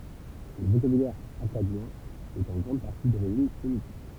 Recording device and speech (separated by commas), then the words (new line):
temple vibration pickup, read sentence
Le vocabulaire akkadien est en grande partie d'origine sémitique.